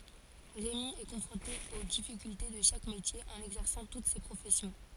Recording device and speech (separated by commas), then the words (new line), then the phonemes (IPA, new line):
forehead accelerometer, read sentence
Rémi est confronté aux difficultés de chaque métier en exerçant toutes ces professions.
ʁemi ɛ kɔ̃fʁɔ̃te o difikylte də ʃak metje ɑ̃n ɛɡzɛʁsɑ̃ tut se pʁofɛsjɔ̃